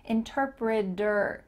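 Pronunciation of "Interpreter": In 'interpreter', the t near the end changes to a d, so the ending sounds like 'der'.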